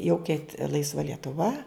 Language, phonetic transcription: Lithuanian, jau keit ˈlaisva lietuˈva

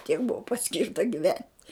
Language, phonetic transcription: Lithuanian, tiek ˈbuvo paˈskirta giˈvent'

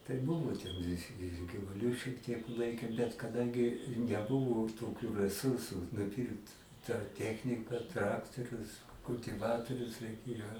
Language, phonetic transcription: Lithuanian, tai ˈbuvo ten i ir givuˈliu šiek tiek ˈlaikėm bet kaˈdangi neˈbuvu toˈkiu reˈsursu nuˈpyrkt tą ˈtechnika ˈtraktorius kultiˈvatorius reiˈkėjo

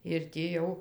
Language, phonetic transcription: Lithuanian, ir tį ˈjau

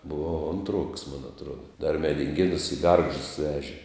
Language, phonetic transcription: Lithuanian, buˈvau ˈontˌruoks mon atˈruoda dar medinˈgėnus i ˈgargždus ˈveži

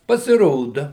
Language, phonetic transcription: Lithuanian, pasiˈroda

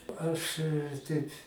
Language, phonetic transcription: Lithuanian, ˈaš ˈteip

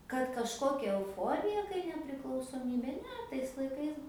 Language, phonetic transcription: Lithuanian, kad kažˈkokia euˈforija kai nepriklausoˈmybė ˈne tais laiˈkais

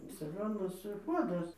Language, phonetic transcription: Lithuanian, saˈgonas ˈpuodas

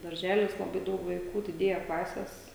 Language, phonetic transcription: Lithuanian, darˈželis laˈbai ˈdaug vaˈikų diˈdėja ˈklases

